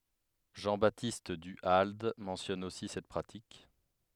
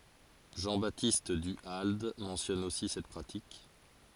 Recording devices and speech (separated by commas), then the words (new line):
headset microphone, forehead accelerometer, read sentence
Jean-Baptiste Du Halde mentionne aussi cette pratique.